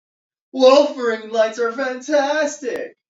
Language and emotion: English, fearful